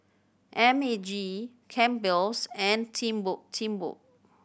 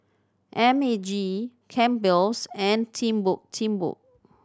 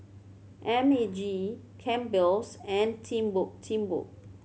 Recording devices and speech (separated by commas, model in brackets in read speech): boundary microphone (BM630), standing microphone (AKG C214), mobile phone (Samsung C7100), read sentence